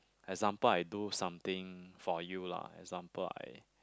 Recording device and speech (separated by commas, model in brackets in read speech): close-talking microphone, conversation in the same room